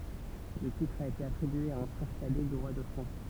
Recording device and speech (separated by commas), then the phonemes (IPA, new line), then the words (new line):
temple vibration pickup, read sentence
lə titʁ a ete atʁibye a œ̃ fʁɛʁ kadɛ dy ʁwa də fʁɑ̃s
Le titre a été attribué à un frère cadet du roi de France.